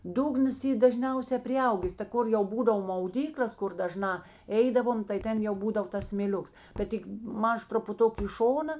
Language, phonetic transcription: Lithuanian, ˈdugnas ˈy daˈžniause priˈaugės ta ˈkur jau ˈbūdavo mauˈdyklės ˈkur daˈžnā ˈeidavom tai ˈten jau ˈbūdav tas smėˈliuks bet ˈtik ˈmaž trupuˈtuk i ˈšona

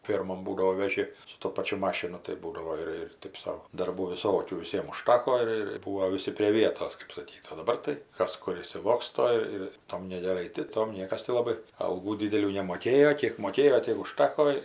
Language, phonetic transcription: Lithuanian, ˈfėrmon ˈbūdao veˈži su to ˈpačiu ˈmašinu tai ˈbūdavo ir ir ˈtɜp sau darˈbų viˈsokių viˈsiem uˈžtako ir ir ˈbūo viˈsi prė ˈvietos kɜp saˈkyt o daˈbar tai ˈkas ˈkur išsiˈloksto ir ˈtom negeˈrai ti ˈtom ˈniekas ti laˈbai alˈgų ˈdydelių nemoˈkėjo ˈkiek moˈkėjo ˈtiek uˈžtako

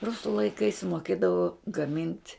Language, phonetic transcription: Lithuanian, ˈrusu laiˈkais moˈkėdavo gaˈmint'

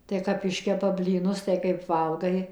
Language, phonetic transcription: Lithuanian, tai kap ˈiškepa blyˈnus tai kaip ˈvalgai

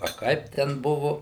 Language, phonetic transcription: Lithuanian, a ˈkaip ˈten ˈbuvu

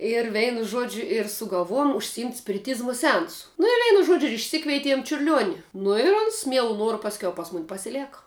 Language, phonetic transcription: Lithuanian, ir ˈveinu ˈžuodžiu ir sugalˈvojum užsiˈimt' spiriˈtyzmu seˈansu nu ir ˈveinu ˈžuodžiu išˈsikveitiem čiurˈliuoni nu i ˈons ˈmielu ˈnuoru pasˈkiau ˈpas ˈmun' pasiˈleka

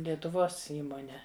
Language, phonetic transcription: Lithuanian, lietuˈvos ˈįmone

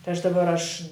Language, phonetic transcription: Lithuanian, tai ˈaš daˈbar ˈaš

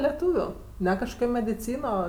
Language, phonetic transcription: Lithuanian, leˈtūviu ˈne kažˈkokio mediˈcyno

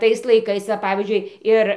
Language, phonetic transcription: Lithuanian, ˈtais laiˈkais va ˈpavyzdžiui ˈir

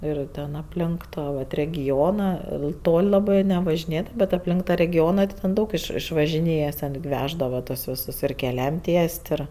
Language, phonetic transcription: Lithuanian, ˈir ten apˈlink ˈtą vat regiˈona ˈtol' ˈlabɜ nevažiˈnėdava bet apˈlink ta regiˈona tai ten ˈdaug iš išvažiˈnėjes ten gi ˈveždava tuos ˈvisus ir keˈliam ˈties't' ˈir

